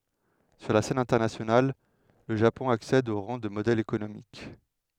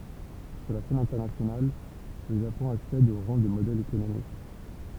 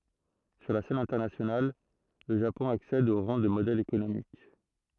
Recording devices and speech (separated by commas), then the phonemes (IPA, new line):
headset microphone, temple vibration pickup, throat microphone, read sentence
syʁ la sɛn ɛ̃tɛʁnasjonal lə ʒapɔ̃ aksɛd o ʁɑ̃ də modɛl ekonomik